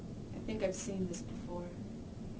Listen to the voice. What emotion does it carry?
neutral